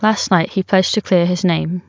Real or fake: real